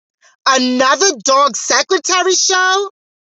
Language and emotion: English, disgusted